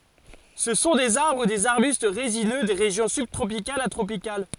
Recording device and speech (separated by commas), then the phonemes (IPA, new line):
forehead accelerometer, read sentence
sə sɔ̃ dez aʁbʁ u dez aʁbyst ʁezinø de ʁeʒjɔ̃ sybtʁopikalz a tʁopikal